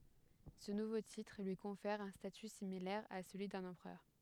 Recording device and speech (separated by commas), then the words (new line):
headset microphone, read sentence
Ce nouveau titre lui confère un statut similaire à celui d'un empereur.